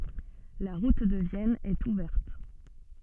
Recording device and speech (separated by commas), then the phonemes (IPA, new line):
soft in-ear microphone, read sentence
la ʁut də vjɛn ɛt uvɛʁt